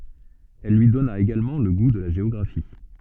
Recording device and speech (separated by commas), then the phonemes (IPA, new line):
soft in-ear microphone, read sentence
il lyi dɔna eɡalmɑ̃ lə ɡu də la ʒeɔɡʁafi